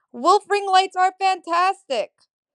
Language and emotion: English, neutral